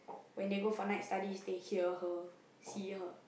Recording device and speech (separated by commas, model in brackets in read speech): boundary microphone, conversation in the same room